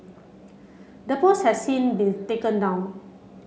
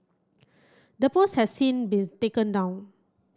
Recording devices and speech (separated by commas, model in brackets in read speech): mobile phone (Samsung C7), close-talking microphone (WH30), read sentence